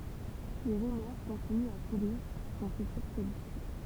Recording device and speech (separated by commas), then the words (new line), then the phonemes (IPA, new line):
temple vibration pickup, read sentence
Les rumeurs continuent à courir sur son futur politique.
le ʁymœʁ kɔ̃tinyt a kuʁiʁ syʁ sɔ̃ fytyʁ politik